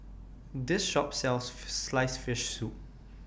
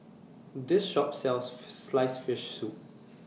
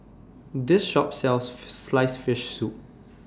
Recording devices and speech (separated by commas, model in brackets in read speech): boundary microphone (BM630), mobile phone (iPhone 6), standing microphone (AKG C214), read sentence